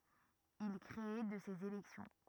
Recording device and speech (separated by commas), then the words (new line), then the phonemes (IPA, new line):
rigid in-ear microphone, read sentence
Il crée de ces élections.
il kʁe də sez elɛksjɔ̃